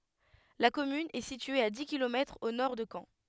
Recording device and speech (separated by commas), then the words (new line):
headset microphone, read sentence
La commune est située à dix kilomètres au nord de Caen.